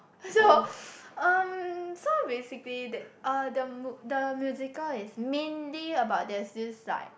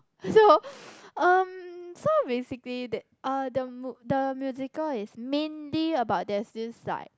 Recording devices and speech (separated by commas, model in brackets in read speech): boundary microphone, close-talking microphone, conversation in the same room